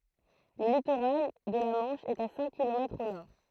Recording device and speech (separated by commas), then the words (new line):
throat microphone, read sentence
Le littoral de la Manche est à cinq kilomètres au nord.